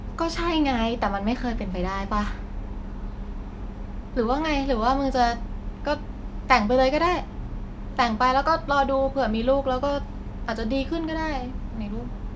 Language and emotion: Thai, frustrated